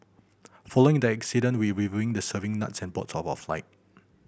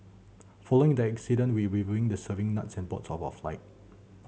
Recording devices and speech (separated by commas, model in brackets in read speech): boundary microphone (BM630), mobile phone (Samsung C7100), read sentence